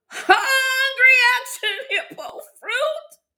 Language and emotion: English, fearful